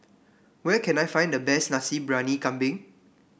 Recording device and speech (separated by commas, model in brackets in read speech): boundary microphone (BM630), read sentence